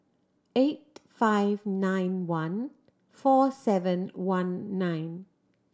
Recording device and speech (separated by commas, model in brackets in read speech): standing microphone (AKG C214), read sentence